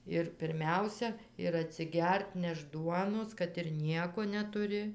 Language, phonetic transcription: Lithuanian, ir pirˈmiausia ir atsiˈgert ˈnešt ˈduonos kad ir ˈnieko netuˈri

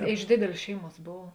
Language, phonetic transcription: Lithuanian, a iš ˈdėdėlės ˈšeiˌmuos ˈbov

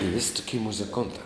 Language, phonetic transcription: Lithuanian, i vis' toˈki muziˈkontā

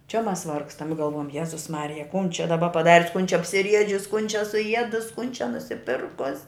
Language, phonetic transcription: Lithuanian, čia ˈmas ˈvargstam i galˈvuojam ˈjezus ˈmarija kun čia daˈba paˈdarius kun čia apsiˈriedžius kun čia suˈiedus kun čia nusiˈpirkus'

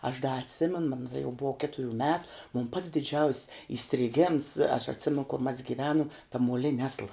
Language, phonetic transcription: Lithuanian, aš da atˈsimenu man taˈda jau ˈbuo ˈketuˌrių met mon pats diˈdžiaus' įstriˈgems aš atˈsimen kor mas giˈvenum ta muoˈlini ˈasla

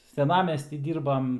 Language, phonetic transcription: Lithuanian, seˈnamesty ˈdyrbam

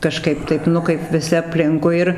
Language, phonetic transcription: Lithuanian, kaˈžkaip ˈtaip ˈnu kaip viˈsi apˈlinkui ir

